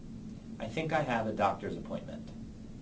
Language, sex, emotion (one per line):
English
male
neutral